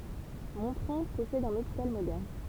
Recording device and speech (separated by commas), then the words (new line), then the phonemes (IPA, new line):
temple vibration pickup, read sentence
Montrond possède un hôpital moderne.
mɔ̃tʁɔ̃ pɔsɛd œ̃n opital modɛʁn